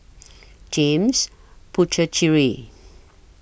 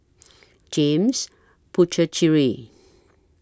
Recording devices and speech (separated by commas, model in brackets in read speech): boundary microphone (BM630), standing microphone (AKG C214), read sentence